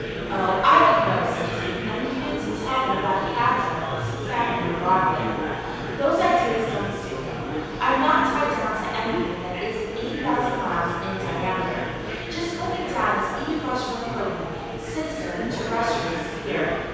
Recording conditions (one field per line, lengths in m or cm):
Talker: one person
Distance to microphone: 7.1 m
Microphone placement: far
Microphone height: 1.7 m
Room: very reverberant, large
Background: babble